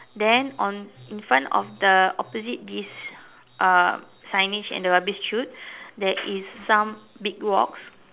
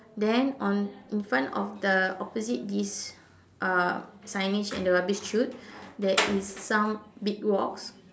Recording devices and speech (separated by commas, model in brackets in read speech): telephone, standing microphone, conversation in separate rooms